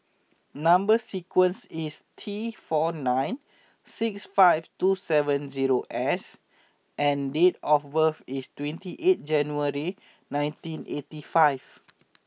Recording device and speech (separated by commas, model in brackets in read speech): mobile phone (iPhone 6), read sentence